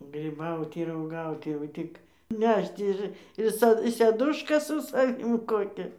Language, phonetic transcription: Lithuanian, gryˈbauti ir uoˈgauti jau ˈtik ˈnešt ir i ˈsa seˈduška su saˈvim ˈkokia

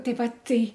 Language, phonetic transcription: Lithuanian, ˈtai ˈvat ˈtai

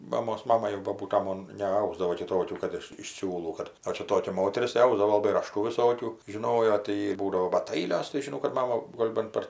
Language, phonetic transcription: Lithuanian, ˈmamos ˈmama jau boˈbūta ˈmon neˈausdavo kiˈtokių ˈkad iš iš ˈsiūlų ˈkad ˈo čia ˈtokia ˈmoteris tai ˈausdavo laˈbai raˈštų viˈsokių žiˈnojo tai ˈjy ˈbūdavo bat ˈailios tai žiˈnau kad ˈmama ˈgol' ban ˈpar

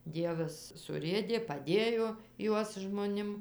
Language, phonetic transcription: Lithuanian, ˈdievas suˈrėdė paˈdėjo ˈjuos žmoˈnim

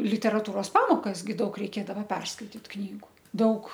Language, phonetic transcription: Lithuanian, literaˈtūros ˈpamokas gi ˈdaug reiˈkėdava ˈperskaitit ˈknygu ˈdaug

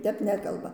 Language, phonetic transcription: Lithuanian, ˈtep ˈnekalba

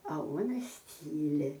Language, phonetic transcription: Lithuanian, a ˈuonas ˈtyli

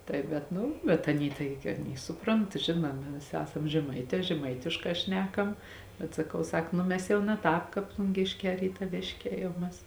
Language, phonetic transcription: Lithuanian, ˈtai bet ˈnu bet ˈaˌny ˈtaigi aˈny ˈsuˌpront ˈžinuomi ˈviˌsi ˈesam žeˈmaitē žeˈmaitiškā ˈšnekam bet saˈkau ˈsak ˈnu mes ˈjau na ˈtāp ˈkāp plunˈgėšˌkē rytaˈvėšˌkē jau ˈmes

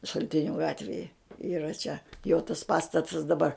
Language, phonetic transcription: Lithuanian, šalˈtiniu ˈgatvėje yˈra čia jo tas ˈpastatas daˈbar

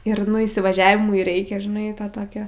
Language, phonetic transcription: Lithuanian, ir nu įsivaˈžiavimui ˈreikia žiˈnai ta ˈtokio

